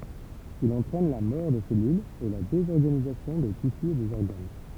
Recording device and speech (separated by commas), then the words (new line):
temple vibration pickup, read sentence
Il entraîne la mort des cellules et la désorganisation des tissus et des organes.